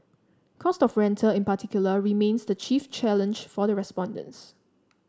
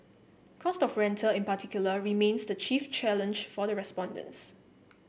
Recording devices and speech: standing microphone (AKG C214), boundary microphone (BM630), read sentence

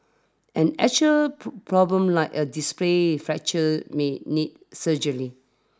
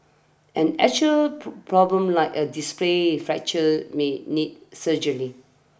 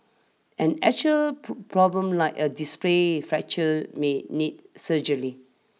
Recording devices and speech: standing microphone (AKG C214), boundary microphone (BM630), mobile phone (iPhone 6), read sentence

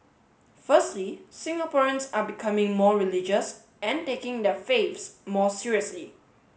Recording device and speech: mobile phone (Samsung S8), read sentence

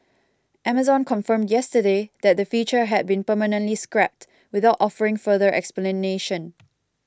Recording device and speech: close-talking microphone (WH20), read sentence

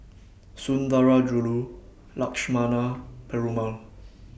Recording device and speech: boundary microphone (BM630), read sentence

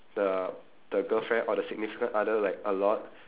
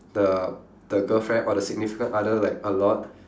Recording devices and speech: telephone, standing microphone, conversation in separate rooms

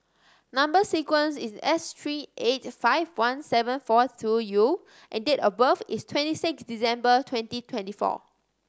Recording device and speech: standing microphone (AKG C214), read sentence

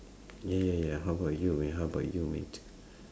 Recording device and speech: standing microphone, conversation in separate rooms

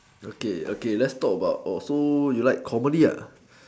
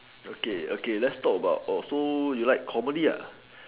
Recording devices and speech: standing microphone, telephone, conversation in separate rooms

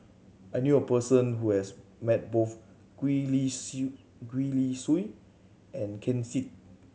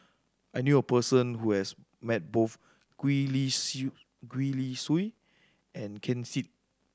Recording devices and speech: mobile phone (Samsung C7100), standing microphone (AKG C214), read sentence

